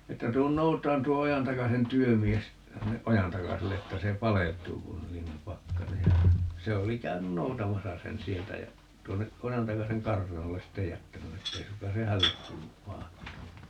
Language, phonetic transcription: Finnish, 'että » 'tuun 'noutaan 'tuo 'Ojantakasen "työmies , 'sinneʼ "ʼOjantakaselle 'että se "palelt̀uu kun ('niin) ‿om "pakkanej » (ja) , 'se oli 'käynyn "noutamasa 'sen "sieltä jä , 'tuonneʼ 'ʼOjantakaseŋ "kartanolles "sittej 'jättäny 'ettei 'sukkaa se "hällek 'kuuluv ('vahata) .
- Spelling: että tule noutamaan tuo Ojantakasen työmies sinne Ojantakaselle että se paleltuu kun niin on pakkanen ja se oli käynyt noutamassa sen sieltä ja tuonne Ojantakasen kartanolle sitten jättänyt että ei suinkaan se hänelle kuulu vahdata

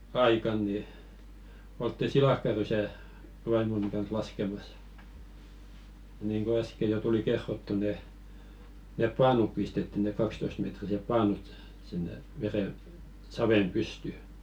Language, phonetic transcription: Finnish, oltti "silakkarysä̀ , 'vaimoni kans "laskemas , niiŋko 'äske jo tuli 'kerrottu ne , nep "paanup pistetti ne 'kakstoistmetrisep "paanut , sinne 'vere- , "savem 'pysty .
- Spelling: oltiin silakkarysää vaimoni kanssa laskemassa niin kuin äsken jo tuli kerrottua ne ne paanut pistettiin ne kaksitoistametriset paanut sinne - saveen pystyyn

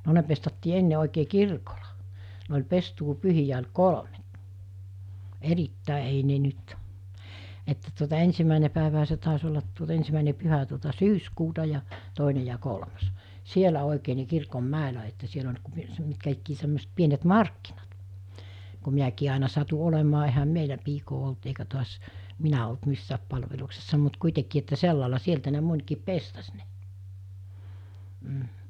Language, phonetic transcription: Finnish, no 'ne pestattii 'enne òikee "kirkola , ne oĺ 'pestuu'pyhijä oĺ "kolᵒme(t) , 'erittä̀e ei ne nyt , että tuota 'ensimmä̀ene pä̀eväɦä se tàes ollat tuot- 'ensimä̀ine 'pyhä tuota "syyskuuta ja , 'tòine ja 'kolmas , 'sielä òikee ni̬ 'kirkom'mä̀elä että 'siel ‿oĺ ku s- , 'mitkä ikkii semmòeset 'pienet "markkinat , ku 'miäkii àena satu 'olemaa ehäm "meilä 'piikoo olt eikä to̭as , 'minä olt 'missääp 'palveluksessa mut 'kuitekii että 'sellàela 'sieltä ne 'mońkiip "pestas ne , m̥ .
- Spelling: no ne pestattiin ennen oikein kirkolla ne oli pestuupyhiä oli kolmet erittäin ei ne nyt että tuota ensimmäinen päivähän se taisi olla - ensimmäinen pyhä tuota syyskuuta ja toinen ja kolmas siellä oikein niin kirkonmäellä että siellä oli kun - mitkä ikään semmoiset pienet markkinat kun minäkin aina satuin olemaan eihän meillä piikaa ollut eikä taas minä ollut missään palveluksessa mutta kuitenkin että sillä lailla sieltä ne monikin pestasi ne mm

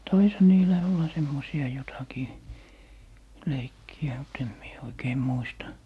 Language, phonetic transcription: Finnish, "taisha 'niilä 'olla 'semmosi₍a jotakii , "leikki₍ä mut ‿em mie oikee 'muista .
- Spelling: taisihan niillä olla semmoisia jotakin leikkejä mutta en minä oikein muista

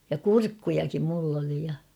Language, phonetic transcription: Finnish, ja "kurkkujakim mull ‿oli ja .
- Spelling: ja kurkkujakin minulla oli ja

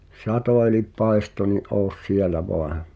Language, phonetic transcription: Finnish, sato elip "paesto ni’ ’oos "sielä voan̬ .
- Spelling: satoi eli paistoi niin ole siellä vain

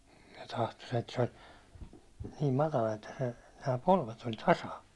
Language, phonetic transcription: Finnish, se tahto set- , se (ol) , niim matala että se , nää 'polvet ‿oĺ "tasa .
- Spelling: se tahtoi - se oli niin matala että se nämä polvet oli tasan

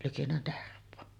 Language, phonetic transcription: Finnish, likinnä 'Terv̆voo .
- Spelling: liki Tervoa

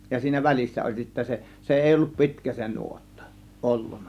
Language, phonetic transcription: Finnish, ja 'siinä "väl͕issä oĺ sittä se , se "èi ollup "pi̬tkä se 'nuottA , 'ˀolluN̆NA .
- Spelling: ja siinä välissä oli sitten se se ei ollut pitkä se nuotta ollut

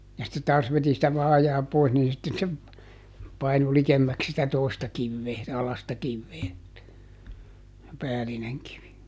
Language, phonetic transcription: Finnish, ja sitte ˈtaas veti sitä ˈvaajaa ˈpois nii sitte se , ˈpainu "likemmäks sitä ˈtòi̮sta ˈkivvee , ˈalasta ˈkivvee , se ˈpäälineŋ kivi .
- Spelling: ja sitten taas veti sitä vaajaa pois niin sitten se painui likemmäksi sitä toista kiveä alaista kiveä se päällinen kivi

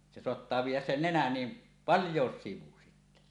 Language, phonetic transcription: Finnish, se soattaa viij̆jäs 'sen "nenän ni , "palj̀òes 'sivu sittä .
- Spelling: se saattaa viedä sen nenän niin paljonkin sivuun sitten

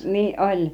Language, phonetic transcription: Finnish, niiˀ 'ˀoĺ .
- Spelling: niin oli

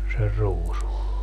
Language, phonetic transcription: Finnish, ser 'ruusu .
- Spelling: sen ruusun

